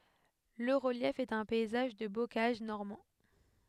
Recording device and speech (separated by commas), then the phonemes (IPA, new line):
headset microphone, read sentence
lə ʁəljɛf ɛt œ̃ pɛizaʒ də bokaʒ nɔʁmɑ̃